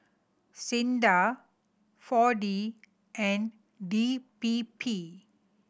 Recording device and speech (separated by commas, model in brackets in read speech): boundary microphone (BM630), read sentence